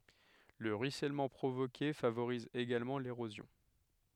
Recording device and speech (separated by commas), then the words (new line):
headset microphone, read sentence
Le ruissellement provoqué favorise également l'érosion.